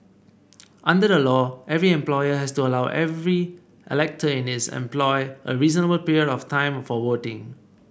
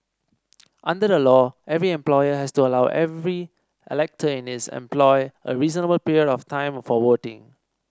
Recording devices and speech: boundary microphone (BM630), standing microphone (AKG C214), read sentence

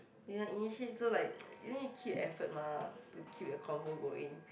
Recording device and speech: boundary microphone, conversation in the same room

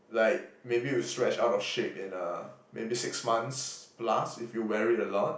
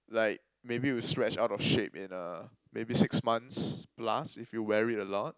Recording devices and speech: boundary microphone, close-talking microphone, conversation in the same room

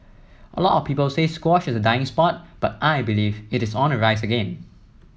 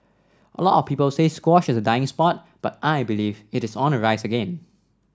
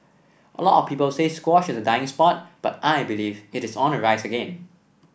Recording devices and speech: mobile phone (iPhone 7), standing microphone (AKG C214), boundary microphone (BM630), read sentence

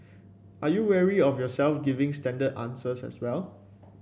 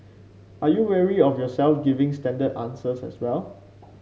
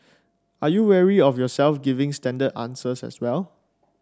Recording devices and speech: boundary microphone (BM630), mobile phone (Samsung C5), standing microphone (AKG C214), read sentence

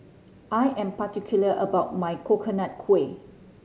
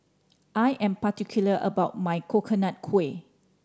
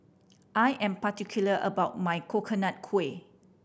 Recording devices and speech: mobile phone (Samsung C5010), standing microphone (AKG C214), boundary microphone (BM630), read sentence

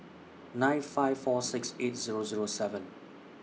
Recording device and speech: mobile phone (iPhone 6), read sentence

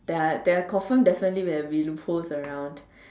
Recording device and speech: standing microphone, conversation in separate rooms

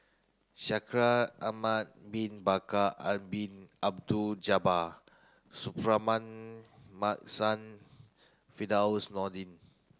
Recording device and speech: close-talking microphone (WH30), read sentence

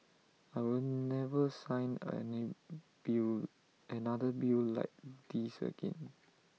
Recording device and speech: mobile phone (iPhone 6), read sentence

